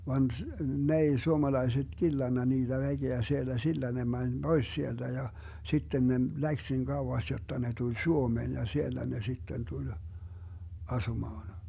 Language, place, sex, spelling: Finnish, Vermlanti, male, vaan - ne ei suomalaiset killannut niitä väkeä siellä sillä ne meni pois sieltä ja sitten ne lähti niin kauas jotta ne tuli Suomeen ja siellä ne sitten tuli asumaan
- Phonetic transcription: 'van s- , 'n ‿ei 'suomalaiset 'killanna niiDä 'väGeä siellä 'sillä ne 'mäń "Bois 'sielDä ja , 'sitten ne "läks nin 'kauwas jotta 'ne 'tuĺ "Suomeen ja 'siellä ne 'sitten 'tuĺ , "asumaan .

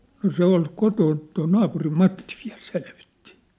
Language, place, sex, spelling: Finnish, Sippola, male, no se oli kotona tuo naapurin Matti vielä selvitti
- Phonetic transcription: no 'se ‿ol 'kotoon , toi 'naapurim 'Matti viä̭l 'selvɪttɪ .

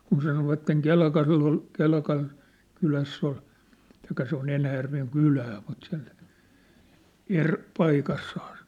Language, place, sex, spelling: Finnish, Sippola, male, kun sanoivat Kelkalla oli Kelkan kylässä oli tai se on Enäjärven kylää mutta se on eri paikassa
- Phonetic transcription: kun 'sanovatteŋ 'Kelkall ‿ol , 'Kelkan , 'kyläss ‿ol , taikka se ‿on 'Enäjärveŋ "kylää mut se ‿on , 'er , 'paikass(aas) .

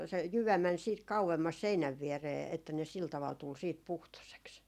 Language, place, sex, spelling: Finnish, Jaala, female, se jyvä meni sitten kauemmas seinän viereen että ne sillä tavalla tuli sitten puhtoiseksi
- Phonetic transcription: se 'jyvä män siit 'kau₍emmas 'seinäv vieree että ne 'sil taval tul siit "puhtoseks .

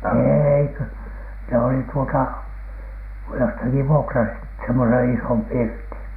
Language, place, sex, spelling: Finnish, Alatornio, male, ei kun ne olivat tuota jostakin vuokrasivat semmoisen ison pirtin
- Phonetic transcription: eei kö , ne olit tuota , jostaki vuokrasit semmosen "isom "pirtiN .

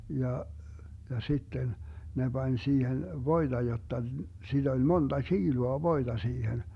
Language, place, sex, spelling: Finnish, Vermlanti, male, ja ja sitten ne pani siihen voita jotta sitä oli monta kiloa voita siihen
- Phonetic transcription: 'ja , ja 'sitten , 'ne 'Bań 'siihen "voiDa 'jotta , 'siD ‿oĺ 'monDa "tšiilua 'voiDa 'siihen .

